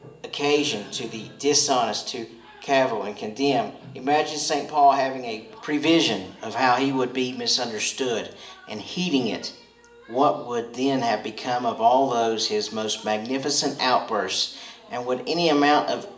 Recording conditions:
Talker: one person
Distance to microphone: 1.8 m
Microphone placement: close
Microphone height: 1.0 m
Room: large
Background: television

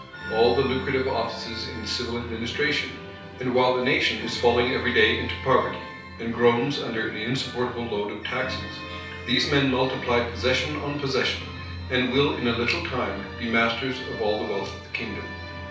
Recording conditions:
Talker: one person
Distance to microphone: 3.0 m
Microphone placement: far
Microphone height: 1.8 m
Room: small (3.7 m by 2.7 m)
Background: music

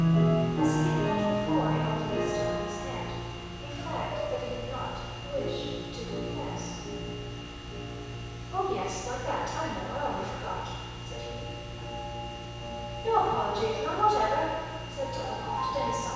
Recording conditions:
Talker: one person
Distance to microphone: 7.1 m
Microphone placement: far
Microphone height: 1.7 m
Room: very reverberant, large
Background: music

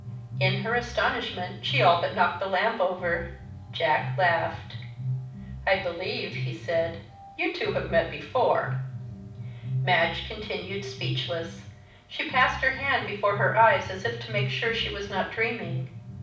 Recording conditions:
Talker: one person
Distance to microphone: 5.8 m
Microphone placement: far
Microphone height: 1.8 m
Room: medium-sized (5.7 m by 4.0 m)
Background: music

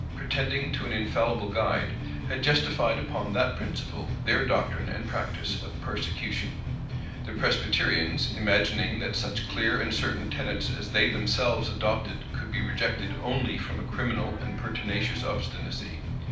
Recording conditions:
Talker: one person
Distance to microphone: 5.8 m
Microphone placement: far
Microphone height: 1.8 m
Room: medium-sized (5.7 m by 4.0 m)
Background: music

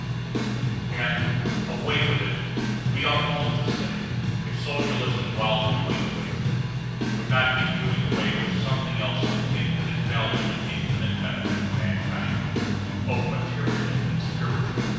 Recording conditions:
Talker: one person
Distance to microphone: 7.1 m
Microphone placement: far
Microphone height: 1.7 m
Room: very reverberant, large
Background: music

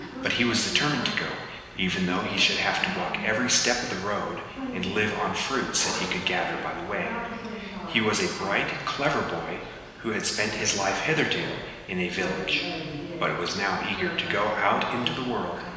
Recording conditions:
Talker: one person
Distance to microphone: 1.7 m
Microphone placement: close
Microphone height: 1.0 m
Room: very reverberant, large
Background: television

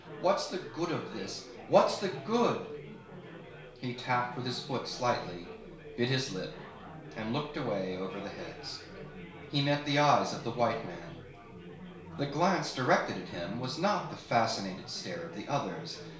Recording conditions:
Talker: one person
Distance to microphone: 1.0 m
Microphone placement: close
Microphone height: 1.1 m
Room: small (3.7 m by 2.7 m)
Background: babble

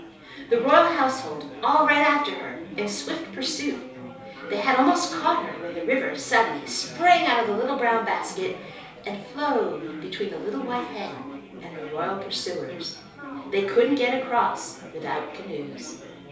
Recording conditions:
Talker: one person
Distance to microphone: 3.0 m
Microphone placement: far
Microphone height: 1.8 m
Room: small (3.7 m by 2.7 m)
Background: babble

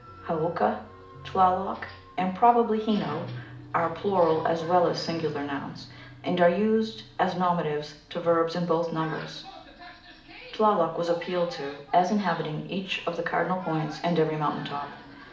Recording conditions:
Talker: one person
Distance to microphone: 2.0 m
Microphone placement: close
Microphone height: 99 cm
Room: medium-sized (5.7 m by 4.0 m)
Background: television

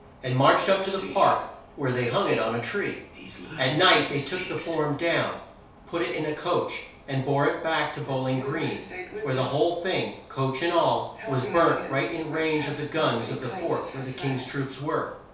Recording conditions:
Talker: one person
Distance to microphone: 3.0 m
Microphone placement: far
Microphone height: 1.8 m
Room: small (3.7 m by 2.7 m)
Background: television

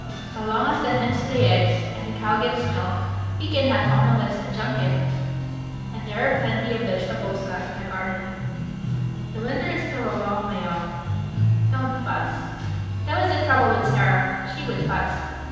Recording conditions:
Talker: one person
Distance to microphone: 7.1 m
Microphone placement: far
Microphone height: 1.7 m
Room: very reverberant, large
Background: music

